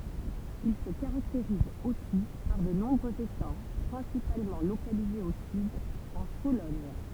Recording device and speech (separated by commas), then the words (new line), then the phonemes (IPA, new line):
temple vibration pickup, read sentence
Il se caractérise aussi par de nombreux étangs principalement localisés au sud, en Sologne.
il sə kaʁakteʁiz osi paʁ də nɔ̃bʁøz etɑ̃ pʁɛ̃sipalmɑ̃ lokalizez o syd ɑ̃ solɔɲ